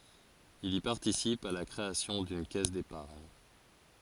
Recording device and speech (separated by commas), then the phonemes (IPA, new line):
forehead accelerometer, read sentence
il i paʁtisip a la kʁeasjɔ̃ dyn kɛs depaʁɲ